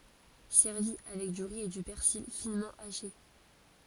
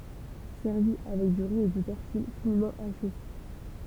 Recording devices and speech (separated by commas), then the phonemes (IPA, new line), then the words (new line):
forehead accelerometer, temple vibration pickup, read sentence
sɛʁvi avɛk dy ʁi e dy pɛʁsil finmɑ̃ aʃe
Servi avec du riz et du persil finement haché.